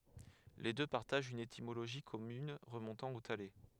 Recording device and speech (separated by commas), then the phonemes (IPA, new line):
headset microphone, read sentence
le dø paʁtaʒt yn etimoloʒi kɔmyn ʁəmɔ̃tɑ̃ o tale